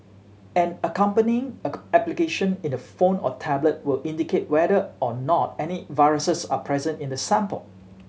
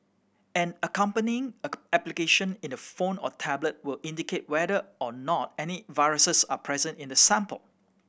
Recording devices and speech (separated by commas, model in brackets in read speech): mobile phone (Samsung C7100), boundary microphone (BM630), read sentence